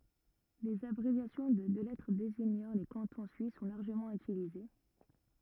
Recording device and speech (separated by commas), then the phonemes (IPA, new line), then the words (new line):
rigid in-ear microphone, read sentence
lez abʁevjasjɔ̃ də dø lɛtʁ deziɲɑ̃ le kɑ̃tɔ̃ syis sɔ̃ laʁʒəmɑ̃ ytilize
Les abréviations de deux lettres désignant les cantons suisses sont largement utilisées.